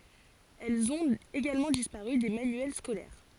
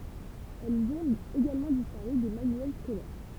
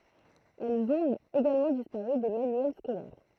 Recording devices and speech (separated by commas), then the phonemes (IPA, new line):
forehead accelerometer, temple vibration pickup, throat microphone, read sentence
ɛlz ɔ̃t eɡalmɑ̃ dispaʁy de manyɛl skolɛʁ